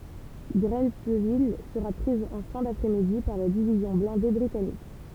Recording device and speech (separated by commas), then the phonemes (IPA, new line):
temple vibration pickup, read sentence
ɡʁɑ̃tvil səʁa pʁiz ɑ̃ fɛ̃ dapʁɛ midi paʁ la divizjɔ̃ blɛ̃de bʁitanik